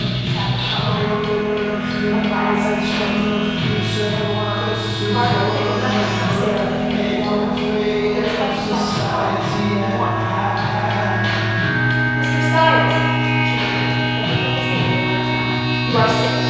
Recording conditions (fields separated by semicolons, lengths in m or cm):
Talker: one person; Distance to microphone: 7.1 m; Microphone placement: far; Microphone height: 1.7 m; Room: very reverberant, large; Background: music